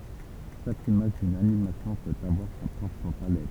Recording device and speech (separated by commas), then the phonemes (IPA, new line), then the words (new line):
temple vibration pickup, read sentence
ʃak imaʒ dyn animasjɔ̃ pøt avwaʁ sa pʁɔpʁ palɛt
Chaque image d'une animation peut avoir sa propre palette.